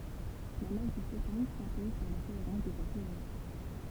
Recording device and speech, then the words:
temple vibration pickup, read sentence
La masse du photon s’impose par la cohérence de sa théorie.

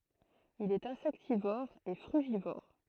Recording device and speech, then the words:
throat microphone, read sentence
Il est insectivore et frugivore.

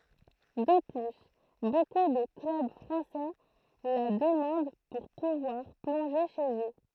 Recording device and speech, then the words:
throat microphone, read sentence
De plus, beaucoup de clubs français la demandent pour pouvoir plonger chez eux.

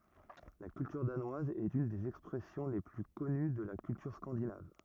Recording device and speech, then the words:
rigid in-ear microphone, read sentence
La culture danoise est une des expressions les plus connues de la culture scandinave.

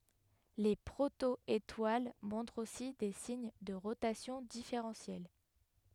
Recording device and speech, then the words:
headset microphone, read sentence
Les proto-étoiles montrent aussi des signes de rotation différentielle.

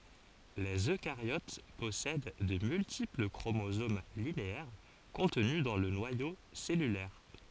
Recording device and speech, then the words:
forehead accelerometer, read sentence
Les eucaryotes possèdent de multiples chromosomes linéaires contenus dans le noyau cellulaire.

